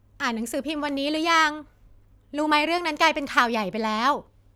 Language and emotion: Thai, happy